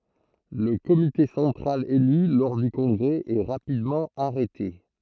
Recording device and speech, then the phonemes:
throat microphone, read sentence
lə komite sɑ̃tʁal ely lɔʁ dy kɔ̃ɡʁɛ ɛ ʁapidmɑ̃ aʁɛte

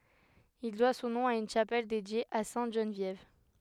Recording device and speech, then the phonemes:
headset microphone, read sentence
il dwa sɔ̃ nɔ̃ a yn ʃapɛl dedje a sɛ̃t ʒənvjɛv

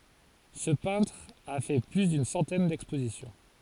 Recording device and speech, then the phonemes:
forehead accelerometer, read sentence
sə pɛ̃tʁ a fɛ ply dyn sɑ̃tɛn dɛkspozisjɔ̃

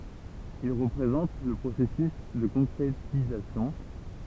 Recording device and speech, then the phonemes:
temple vibration pickup, read sentence
il ʁəpʁezɑ̃t lə pʁosɛsys də kɔ̃kʁetizasjɔ̃

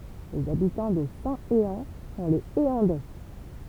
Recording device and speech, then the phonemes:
temple vibration pickup, read sentence
lez abitɑ̃ də sɛ̃teɑ̃ sɔ̃ lez eɑ̃dɛ

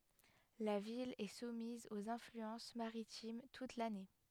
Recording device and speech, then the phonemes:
headset microphone, read sentence
la vil ɛ sumiz oz ɛ̃flyɑ̃s maʁitim tut lane

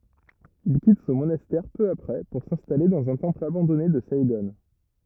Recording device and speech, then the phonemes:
rigid in-ear microphone, read sentence
il kit sɔ̃ monastɛʁ pø apʁɛ puʁ sɛ̃stale dɑ̃z œ̃ tɑ̃pl abɑ̃dɔne də saiɡɔ̃

